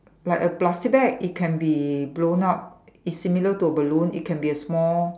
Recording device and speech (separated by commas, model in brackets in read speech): standing microphone, conversation in separate rooms